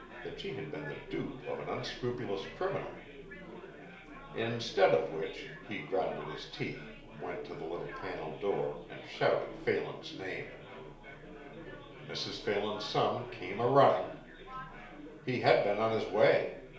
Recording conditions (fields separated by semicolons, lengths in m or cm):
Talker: one person; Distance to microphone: 1.0 m; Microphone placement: close; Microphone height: 1.1 m; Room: small (3.7 m by 2.7 m); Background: babble